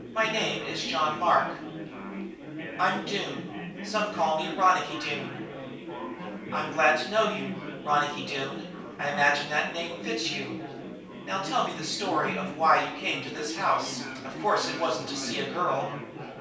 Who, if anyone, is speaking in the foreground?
One person.